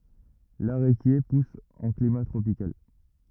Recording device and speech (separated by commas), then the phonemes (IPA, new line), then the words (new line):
rigid in-ear microphone, read sentence
laʁekje pus ɑ̃ klima tʁopikal
L'aréquier pousse en climat tropical.